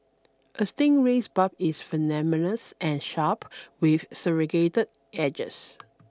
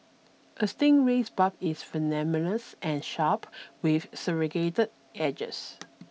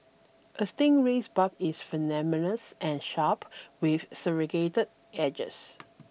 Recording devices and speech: standing microphone (AKG C214), mobile phone (iPhone 6), boundary microphone (BM630), read sentence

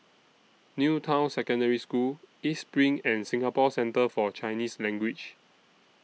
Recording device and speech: mobile phone (iPhone 6), read sentence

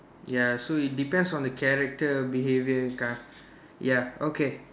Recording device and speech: standing microphone, conversation in separate rooms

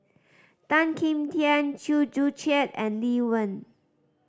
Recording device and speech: standing microphone (AKG C214), read sentence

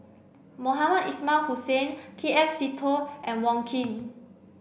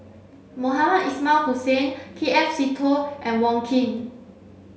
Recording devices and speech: boundary microphone (BM630), mobile phone (Samsung C7), read sentence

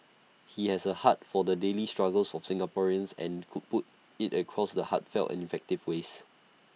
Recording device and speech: mobile phone (iPhone 6), read sentence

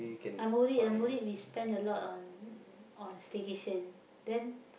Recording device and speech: boundary microphone, conversation in the same room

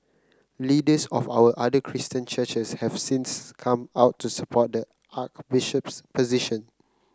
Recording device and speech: close-talking microphone (WH30), read sentence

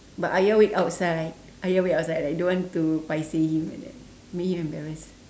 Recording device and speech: standing microphone, conversation in separate rooms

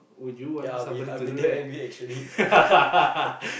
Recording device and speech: boundary microphone, conversation in the same room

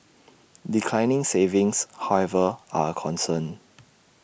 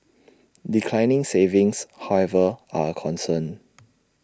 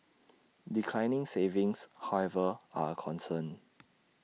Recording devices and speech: boundary microphone (BM630), standing microphone (AKG C214), mobile phone (iPhone 6), read sentence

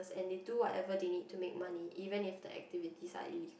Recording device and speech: boundary microphone, conversation in the same room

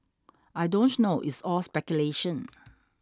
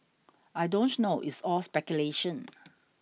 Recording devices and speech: standing microphone (AKG C214), mobile phone (iPhone 6), read sentence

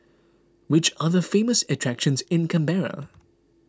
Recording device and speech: close-talking microphone (WH20), read sentence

